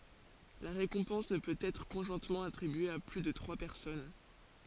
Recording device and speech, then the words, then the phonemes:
forehead accelerometer, read sentence
La récompense ne peut être conjointement attribuée à plus de trois personnes.
la ʁekɔ̃pɑ̃s nə pøt ɛtʁ kɔ̃ʒwɛ̃tmɑ̃ atʁibye a ply də tʁwa pɛʁsɔn

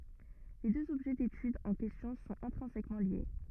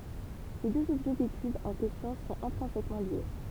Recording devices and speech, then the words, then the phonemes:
rigid in-ear microphone, temple vibration pickup, read sentence
Les deux objets d'étude en question sont intrinsèquement liés.
le døz ɔbʒɛ detyd ɑ̃ kɛstjɔ̃ sɔ̃t ɛ̃tʁɛ̃sɛkmɑ̃ lje

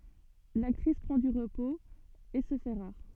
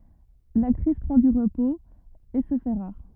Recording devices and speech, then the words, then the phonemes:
soft in-ear microphone, rigid in-ear microphone, read sentence
L'actrice prend du repos, et se fait rare.
laktʁis pʁɑ̃ dy ʁəpoz e sə fɛ ʁaʁ

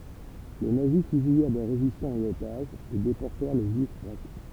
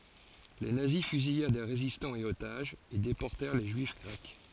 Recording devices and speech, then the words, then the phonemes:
temple vibration pickup, forehead accelerometer, read sentence
Les nazis fusillèrent des résistants et otages, et déportèrent les juifs grecs.
le nazi fyzijɛʁ de ʁezistɑ̃z e otaʒz e depɔʁtɛʁ le ʒyif ɡʁɛk

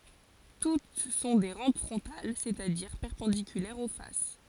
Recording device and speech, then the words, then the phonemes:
forehead accelerometer, read sentence
Toutes sont des rampes frontales, c'est-à-dire perpendiculaires aux faces.
tut sɔ̃ de ʁɑ̃p fʁɔ̃tal sɛt a diʁ pɛʁpɑ̃dikylɛʁz o fas

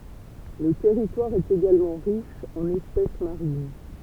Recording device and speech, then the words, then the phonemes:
temple vibration pickup, read sentence
Le territoire est également riche en espèces marines.
lə tɛʁitwaʁ ɛt eɡalmɑ̃ ʁiʃ ɑ̃n ɛspɛs maʁin

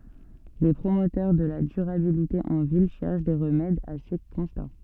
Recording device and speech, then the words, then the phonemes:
soft in-ear microphone, read sentence
Les promoteurs de la durabilité en ville cherchent des remèdes à ces constats.
le pʁomotœʁ də la dyʁabilite ɑ̃ vil ʃɛʁʃ de ʁəmɛdz a se kɔ̃sta

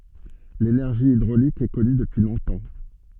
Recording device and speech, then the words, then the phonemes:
soft in-ear microphone, read sentence
L’énergie hydraulique est connue depuis longtemps.
lenɛʁʒi idʁolik ɛ kɔny dəpyi lɔ̃tɑ̃

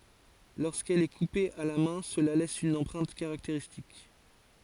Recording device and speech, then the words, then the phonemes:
forehead accelerometer, read sentence
Lorsqu'elle est coupée à la main cela laisse une empreinte caractéristique.
loʁskɛl ɛ kupe a la mɛ̃ səla lɛs yn ɑ̃pʁɛ̃t kaʁakteʁistik

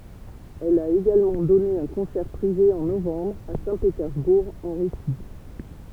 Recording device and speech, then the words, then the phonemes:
temple vibration pickup, read sentence
Elle a également donné un concert privé en novembre à Saint-Pétersbourg, en Russie.
ɛl a eɡalmɑ̃ dɔne œ̃ kɔ̃sɛʁ pʁive ɑ̃ novɑ̃bʁ a sɛ̃petɛʁzbuʁ ɑ̃ ʁysi

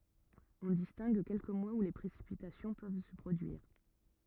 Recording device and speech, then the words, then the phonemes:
rigid in-ear microphone, read sentence
On distingue quelques mois où les précipitations peuvent se produire.
ɔ̃ distɛ̃ɡ kɛlkə mwaz u le pʁesipitasjɔ̃ pøv sə pʁodyiʁ

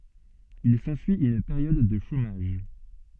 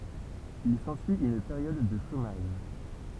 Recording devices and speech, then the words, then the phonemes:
soft in-ear microphone, temple vibration pickup, read sentence
Il s'ensuit une période de chômage.
il sɑ̃syi yn peʁjɔd də ʃomaʒ

